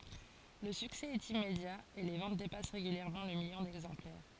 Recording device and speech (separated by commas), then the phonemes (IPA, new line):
forehead accelerometer, read sentence
lə syksɛ ɛt immedja e le vɑ̃t depas ʁeɡyljɛʁmɑ̃ lə miljɔ̃ dɛɡzɑ̃plɛʁ